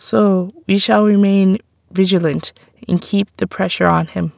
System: none